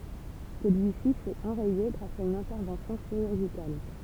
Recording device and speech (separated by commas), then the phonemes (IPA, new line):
temple vibration pickup, read sentence
səlyisi fy ɑ̃ʁɛje ɡʁas a yn ɛ̃tɛʁvɑ̃sjɔ̃ ʃiʁyʁʒikal